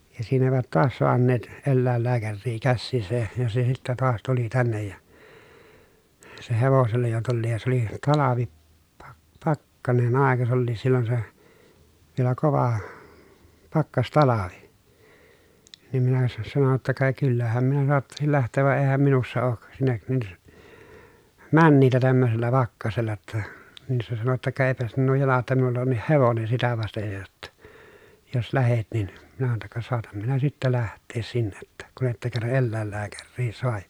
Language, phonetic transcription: Finnish, ja siin ‿èivät toas soanneet , ellä̀ellääkärrii kässiisä , ja se sittä toas tuli tännej ja , se hevosella jo tulliij ja se ‿oli talavi , pak- pakkanen àeka s ‿olliis sillon se , vielä kova , pakkastalavi , niim minä sa- sano ‿tta » ka kyllähäm minä soattasil läht̀eev va eehäm minussa ook , sinnek , nin , männiitä tämmösellä pakkasella ‿tta » , nin se sano jotta » ka èi̮pä sinnuu jala ‿tta minulla onnih hevonen̬ sitä vastej jo jotta , jos lähet nin » , minä sano ‿tta » ka soatam minä sittä läht̀ees sinne ‿ttä , kun ‿että kerra ʼellä̀ellääkärrii soaj ja » .
- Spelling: ja siinä eivät taas saaneet eläinlääkäriä käsiinsä ja se sitten taas tuli tänne ja se hevosella jo tulikin ja se oli talvi - pakkanen aika se olikin silloin se vielä kova pakkastalvi niin minä - sanoin jotta ka kyllähän minä saattaisin lähteä vaan eihän minussa ole sinne niin menijää tämmöisellä pakkasella jotta niin se sanoi jotta ka eipä sinun jalan jotta minulla onkin hevonen sitä vasten jo jotta jos lähdet niin minä sanoin jotta ka saatan minä sitten lähteä sinne että kun ette kerran eläinlääkäriä saa ja

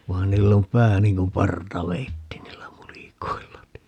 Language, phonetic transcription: Finnish, vaan 'niill ‿om "pää niŋ kum 'parta"veitti 'niillä 'mulikoilla (ni) .
- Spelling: vaan niillä on pää niin kuin partaveitsi niillä mulikoilla -

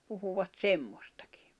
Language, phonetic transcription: Finnish, puhuvat "semmostᴀkɪ .
- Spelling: puhuivat semmoistakin

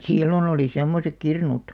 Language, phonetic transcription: Finnish, sillon ‿olì 'semmosek 'kirnut .
- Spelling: silloin oli semmoiset kirnut

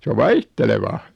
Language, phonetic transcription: Finnish, 's ‿o "vaihtelevaa .
- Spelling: se on vaihtelevaa

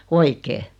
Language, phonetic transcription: Finnish, oikee .
- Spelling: oikein

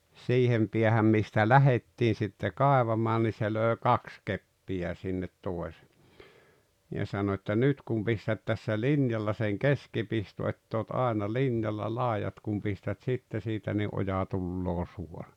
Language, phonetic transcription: Finnish, siihem piähäm mistä "lähettii sitte "kàevamaan ni se lö̀e "kaks 'keppijä sin-net 'tòese- , ja sano ‿että » 'nyt kum pistät tässä "linjalla seŋ "keskipisto ett ‿oot 'aena "linjalla 'làejat kum pistät 'sitte siitä ni "’oja 'tulloo "suora « .
- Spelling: siihen päähän mistä lähdettiin sitten kaivamaan niin se löi kaksi keppiä sinne - ja sanoi että nyt kun pistät tässä linjalla sen keskipiston että olet aina linjalla laidat kun pistät sitten siitä niin oja tulee suora

